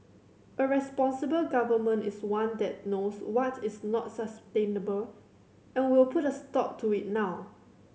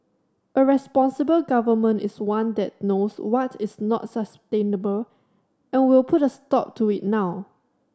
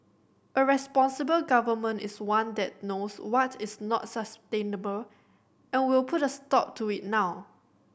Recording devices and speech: mobile phone (Samsung C7100), standing microphone (AKG C214), boundary microphone (BM630), read sentence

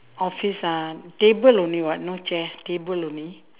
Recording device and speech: telephone, conversation in separate rooms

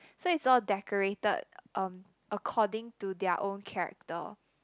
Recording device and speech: close-talking microphone, conversation in the same room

